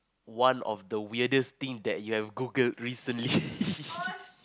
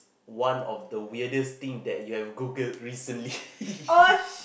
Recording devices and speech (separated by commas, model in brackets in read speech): close-talking microphone, boundary microphone, conversation in the same room